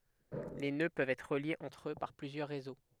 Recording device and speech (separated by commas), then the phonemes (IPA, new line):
headset microphone, read sentence
le nø pøvt ɛtʁ ʁəljez ɑ̃tʁ ø paʁ plyzjœʁ ʁezo